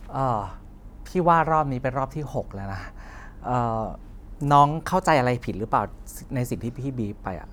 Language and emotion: Thai, frustrated